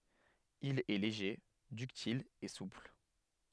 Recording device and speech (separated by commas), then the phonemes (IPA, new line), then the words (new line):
headset microphone, read sentence
il ɛ leʒe dyktil e supl
Il est léger, ductile et souple.